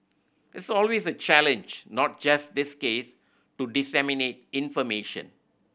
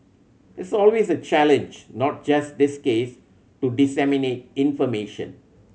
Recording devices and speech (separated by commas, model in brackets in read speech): boundary microphone (BM630), mobile phone (Samsung C7100), read sentence